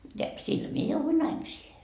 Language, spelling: Finnish, ja sillä minä jouduin naimisiin
- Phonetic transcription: ja , 'sil mie jouvui 'naimisiihe .

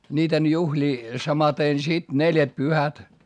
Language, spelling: Finnish, niiden juhlia samaten sitten neljätpyhät
- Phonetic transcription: ńiiten juhĺii , samaten sit neljätpyhät .

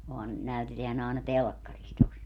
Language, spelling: Finnish, onhan näytetään aina telkkarissa tuossa
- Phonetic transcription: ohan , 'näyteteän ‿àena "telkkaris tos .

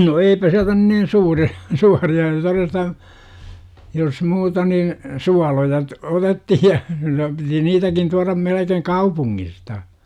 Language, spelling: Finnish, no eipä sieltä nyt niin suuria suuria todesta jos muuta niin suoloja - otettiin ja piti niitäkin tuoda melkein kaupungista
- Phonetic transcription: no 'eipä siältä nyn nin 'suuri₍A , 'suuri₍a (toresta). , jos 'muuta nin , "sualoja t- , 'otettihi ja , piti 'niitäkin tuaram melekeŋ "kaupuŋŋista .

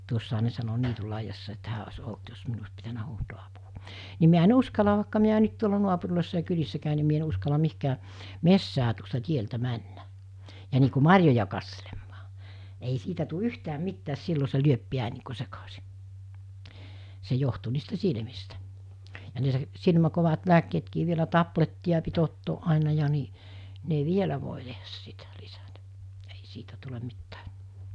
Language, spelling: Finnish, tuossahan ne sanoi niityn laidassa että hän olisi ollut jos minun olisi pitänyt huutaa apua niin minä en uskalla vaikka minä nyt tuolla naapureissa ja kylissä käyn niin minä en uskalla mihinkään metsään tuosta tieltä mennä ja niin kuin marjoja katselemaan ei siitä tule yhtään mitään silloin se lyö pian niin kuin sekaisin se johtui niistä silmistä ja ne - - kovat lääkkeetkin vielä tablettia piti ottaa aina ja niin ne vielä voi tehdä sitä lisätä ei siitä tule mitään
- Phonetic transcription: tuossaha ne sano 'niitul laijjassa että 'hää os̜ 'olt jos 'minu os pitänä huutoo apu(va) , ni miä en 'uskala vàikka miä nyt tuola 'nuapurl̜òissa ja 'kylissä kä̀y ni mie ‿en uskala 'mihkää , "messää tuosta 'tieltä 'männä , ja nii ku "mar̜joja kasselemmaa , ei 'siitä tu "yhtääm̆ 'mittääs 'sillo se 'lyöp 'piän̆ nii ku 'sekasi , se johtu niistä 'silmistä , ja ne s- , 'silmä- 'kovat 'lääkkeetkii vielä 'tapletti₍a pit ottooˀ 'ˀàena ja ni , 'ne "vielä vòe tehäs 'sitä 'lisätᴀ̈ , ei 'siitä 'tulem̆ 'mittᴀ̈ᴀ̈ .

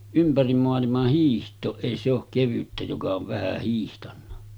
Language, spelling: Finnish, ympäri maailman hiihtoon ei se ole kevyttä joka on vähän hiihtänyt
- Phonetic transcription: 'ympärim moalimah hiiht̆tooˀ 'ˀèi se ‿ok 'kevyttä joka ov vähä hiihtanna .

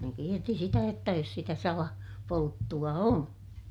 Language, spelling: Finnish, ne kiersi sitä jotta jos sitä - salapolttoa on
- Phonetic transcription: ne , kierti sitä jotta jos sitä sala- , -polttu₍a on .

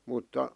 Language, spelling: Finnish, mutta
- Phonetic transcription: mutta ,.

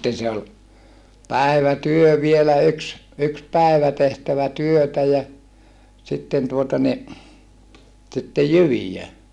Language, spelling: Finnish, sitten se oli päivätyö vielä yksi yksi päivä tehtävä työtä ja sitten tuota niin sitten jyviä
- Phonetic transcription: sitten se ol , päi̮vätyö vielä yks , yks pä̀ivä tehtävä työtä ja , sitten tuota ni , sittej jyvijä .

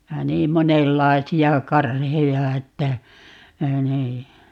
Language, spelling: Finnish, ja niin monenlaisia karheja että niin
- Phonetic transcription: ja "niim 'monellai̮si₍a "karheja että , 'nii .

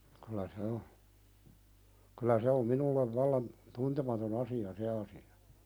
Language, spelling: Finnish, kyllä se on kyllä se on minulle vallan tuntematon asia se asia
- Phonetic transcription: kylä "se o , kylä se om 'minullev vallan , "tuntematon ‿asi₍a 'se asi₍a .

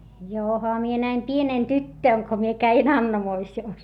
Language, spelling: Finnish, johan minä näin pienenä tyttönä kun minä kävin Annamoisiossa
- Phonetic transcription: joha mie näim pienèn tyttö̀n ko mie käin ‿Annamoisi₍òs .

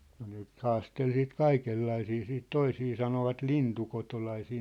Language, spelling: Finnish, no ne nyt haasteli siitä kaikenlaisia siitä% sitten toisia sanoivat lintukotolaisiksi
- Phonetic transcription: no ne nyt "haastel siit "kaikellaisii siit 'toisii sanovat 'lintukotolaisii .

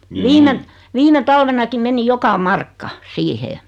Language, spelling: Finnish, viime viime talvenakin meni joka markka siihen
- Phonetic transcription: 'viime , 'virne "talvenakim meni 'joka "markka , "siihee .

